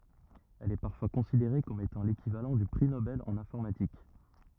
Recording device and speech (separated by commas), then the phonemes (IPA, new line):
rigid in-ear microphone, read sentence
ɛl ɛ paʁfwa kɔ̃sideʁe kɔm etɑ̃ lekivalɑ̃ dy pʁi nobɛl ɑ̃n ɛ̃fɔʁmatik